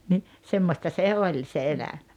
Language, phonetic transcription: Finnish, ni , 'semmosta se "oĺ se 'eläᴍᴀ̈ .
- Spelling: niin semmoista se oli se elämä

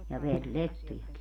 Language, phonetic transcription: Finnish, ja 'ver"lettujaki .
- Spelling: ja verilettujakin

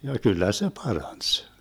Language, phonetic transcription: Finnish, ja 'kyllä se "parans !
- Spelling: ja kyllä se paransi

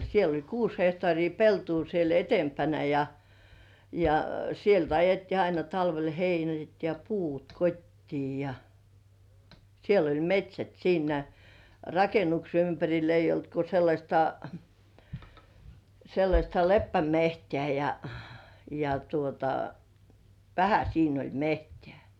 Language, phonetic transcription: Finnish, siel ‿oĺ "kuus hehtŏàrii 'peltuu siel 'etempänä ja , ja 'sielt ‿ajettii aina talvel "heinät ja "puut 'kot́tii ja , siel ‿oĺ "met́śät siinä "rakenukse 'ympäŕil ‿eij̆j ‿olt ko 'sellaśta , 'sellaśta "leppämehtĕä̀ ja , ja tuota , "vähä 'siin ‿oĺ "mehtĕä̀ .
- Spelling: siellä oli kuusi hehtaaria peltoa siellä edempänä ja ja sieltä ajettiin aina talvella heinät ja puut kotiin ja siellä oli metsät siinä rakennuksen ympärillä ei ollut kuin sellaista sellaista leppämetsää ja ja tuota vähän siinä oli metsää

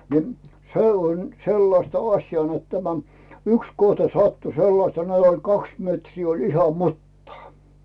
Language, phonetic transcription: Finnish, ni̬ , se on 'sellasta 'aśjaa net tämä , 'yks 'kohta sattu 'sellasta net ‿oĺ 'kaks metrii oĺ iha 'muttaa .
- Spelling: niin se on sellaista asiaa että tämä yksi kohta sattui sellaista ne oli kaksi metriä oli ihan mutaa

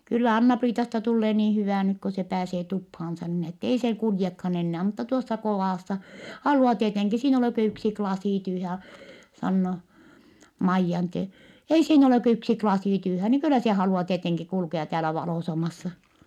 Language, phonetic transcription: Finnish, » kyllä Anna-Priitasta tullee niin̬ hyvä̀ nyk ko se pääsee tuphaansa niin ‿ettei see kuljekhan ‿ennää mutta tuossa kovàssa , halu₍a tieteŋki siin ‿ei olè kö yksi klasì tyyhä ja » , sannoo , Maijjan tie- , » ei siin ‿olè kö yksi klasì tyyhä ni kyllä se halu₍a tieteŋki kulkea täälä valòsamassa » .
- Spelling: kyllä Anna-Priitasta tulee niin hyvä nyt kun se pääsee tupaansa niin että ei se kuljekaan enää mutta tuossa kodassa haluaa tietenkin siinä ei ole kuin yksi lasi tyhjän ja sanoo Maijan - ei siinä ole kuin yksi lasi tyhjän niin kyllä se haluaa tietenkin kulkea täällä valoisammassa

